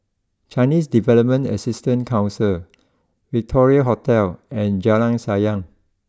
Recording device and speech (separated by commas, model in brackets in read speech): close-talking microphone (WH20), read sentence